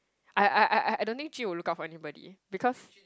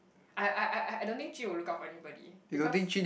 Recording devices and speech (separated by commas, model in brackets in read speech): close-talking microphone, boundary microphone, conversation in the same room